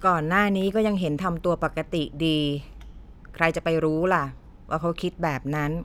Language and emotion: Thai, frustrated